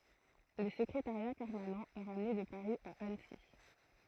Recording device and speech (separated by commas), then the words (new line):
throat microphone, read sentence
Le secrétariat permanent est ramené de Paris à Annecy.